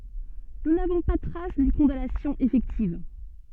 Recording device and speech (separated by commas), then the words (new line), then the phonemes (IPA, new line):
soft in-ear microphone, read sentence
Nous n'avons pas trace d'une condamnation effective.
nu navɔ̃ pa tʁas dyn kɔ̃danasjɔ̃ efɛktiv